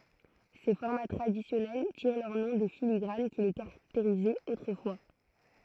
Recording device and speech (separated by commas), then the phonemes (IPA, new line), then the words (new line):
throat microphone, read sentence
se fɔʁma tʁadisjɔnɛl tiʁ lœʁ nɔ̃ de filiɡʁan ki le kaʁakteʁizɛt otʁəfwa
Ces formats traditionnels tirent leur nom des filigranes qui les caractérisaient autrefois.